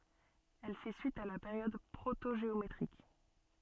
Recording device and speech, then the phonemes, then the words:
soft in-ear microphone, read sentence
ɛl fɛ syit a la peʁjɔd pʁotoʒeometʁik
Elle fait suite à la période protogéométrique.

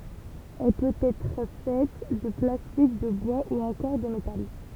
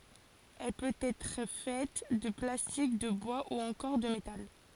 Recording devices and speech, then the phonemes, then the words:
temple vibration pickup, forehead accelerometer, read sentence
ɛl pøt ɛtʁ fɛt də plastik də bwa u ɑ̃kɔʁ də metal
Elle peut être faite de plastique, de bois ou encore de métal.

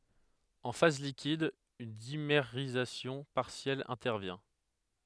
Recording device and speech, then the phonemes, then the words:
headset microphone, read sentence
ɑ̃ faz likid yn dimeʁizasjɔ̃ paʁsjɛl ɛ̃tɛʁvjɛ̃
En phase liquide, une dimérisation partielle intervient.

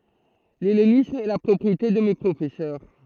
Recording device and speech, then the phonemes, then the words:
throat microphone, read sentence
lɛlenism ɛ la pʁɔpʁiete də me pʁofɛsœʁ
L'hellénisme est la propriété de mes professeurs.

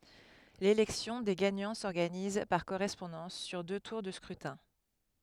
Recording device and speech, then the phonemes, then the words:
headset microphone, read sentence
lelɛksjɔ̃ de ɡaɲɑ̃ sɔʁɡaniz paʁ koʁɛspɔ̃dɑ̃s syʁ dø tuʁ də skʁytɛ̃
L'élection des gagnants s'organise, par correspondance, sur deux tours de scrutin.

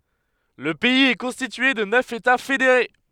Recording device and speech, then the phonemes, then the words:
headset microphone, read sentence
lə pɛiz ɛ kɔ̃stitye də nœf eta fedeʁe
Le pays est constitué de neuf États fédérés.

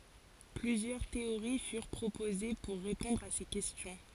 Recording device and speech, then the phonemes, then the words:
forehead accelerometer, read sentence
plyzjœʁ teoʁi fyʁ pʁopoze puʁ ʁepɔ̃dʁ a se kɛstjɔ̃
Plusieurs théories furent proposées pour répondre à ces questions.

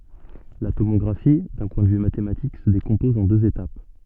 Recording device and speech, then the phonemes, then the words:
soft in-ear microphone, read sentence
la tomɔɡʁafi dœ̃ pwɛ̃ də vy matematik sə dekɔ̃pɔz ɑ̃ døz etap
La tomographie, d’un point de vue mathématique, se décompose en deux étapes.

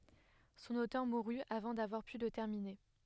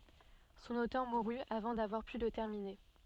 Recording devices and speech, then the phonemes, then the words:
headset microphone, soft in-ear microphone, read sentence
sɔ̃n otœʁ muʁy avɑ̃ davwaʁ py lə tɛʁmine
Son auteur mourut avant d'avoir pu le terminer.

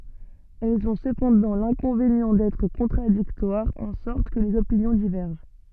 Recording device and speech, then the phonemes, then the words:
soft in-ear microphone, read sentence
ɛlz ɔ̃ səpɑ̃dɑ̃ lɛ̃kɔ̃venjɑ̃ dɛtʁ kɔ̃tʁadiktwaʁz ɑ̃ sɔʁt kə lez opinjɔ̃ divɛʁʒɑ̃
Elles ont cependant l'inconvénient d'être contradictoires, en sorte que les opinions divergent.

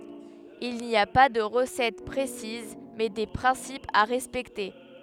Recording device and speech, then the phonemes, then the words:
headset microphone, read sentence
il ni a pa də ʁəsɛt pʁesiz mɛ de pʁɛ̃sipz a ʁɛspɛkte
Il n'y a pas de recette précise mais des principes à respecter.

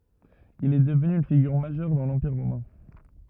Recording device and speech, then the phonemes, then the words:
rigid in-ear microphone, read sentence
il ɛ dəvny yn fiɡyʁ maʒœʁ dɑ̃ lɑ̃piʁ ʁomɛ̃
Il est devenu une figure majeure dans l'Empire romain.

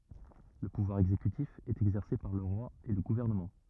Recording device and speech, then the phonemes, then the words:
rigid in-ear microphone, read sentence
lə puvwaʁ ɛɡzekytif ɛt ɛɡzɛʁse paʁ lə ʁwa e lə ɡuvɛʁnəmɑ̃
Le pouvoir exécutif est exercé par le Roi et le gouvernement.

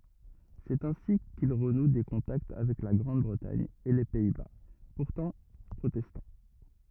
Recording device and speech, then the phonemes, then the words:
rigid in-ear microphone, read sentence
sɛt ɛ̃si kil ʁənu de kɔ̃takt avɛk la ɡʁɑ̃d bʁətaɲ e le pɛi ba puʁtɑ̃ pʁotɛstɑ̃
C'est ainsi qu'il renoue des contacts avec la Grande-Bretagne et les Pays-Bas, pourtant protestants.

